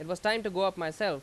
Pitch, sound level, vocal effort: 195 Hz, 94 dB SPL, very loud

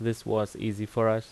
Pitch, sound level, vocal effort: 110 Hz, 83 dB SPL, normal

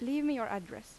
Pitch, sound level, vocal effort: 225 Hz, 86 dB SPL, normal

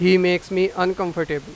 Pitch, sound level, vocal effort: 180 Hz, 96 dB SPL, very loud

